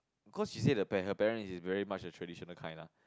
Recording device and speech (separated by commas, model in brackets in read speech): close-talking microphone, conversation in the same room